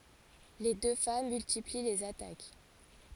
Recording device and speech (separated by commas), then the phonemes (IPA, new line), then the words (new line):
forehead accelerometer, read sentence
le dø fam myltipli lez atak
Les deux femmes multiplient les attaques.